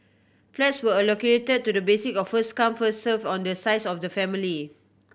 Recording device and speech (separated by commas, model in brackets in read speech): boundary microphone (BM630), read sentence